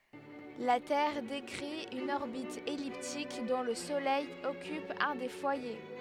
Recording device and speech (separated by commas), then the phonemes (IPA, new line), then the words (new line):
headset microphone, read sentence
la tɛʁ dekʁi yn ɔʁbit ɛliptik dɔ̃ lə solɛj ɔkyp œ̃ de fwaje
La Terre décrit une orbite elliptique dont le Soleil occupe un des foyers.